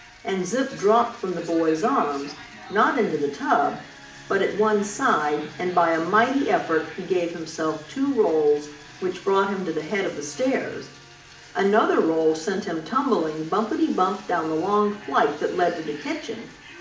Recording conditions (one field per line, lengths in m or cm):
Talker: one person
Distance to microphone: 2.0 m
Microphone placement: close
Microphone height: 99 cm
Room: medium-sized (5.7 m by 4.0 m)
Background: television